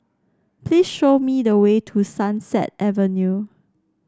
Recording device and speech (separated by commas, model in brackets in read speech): standing microphone (AKG C214), read sentence